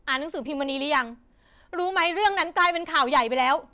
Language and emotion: Thai, frustrated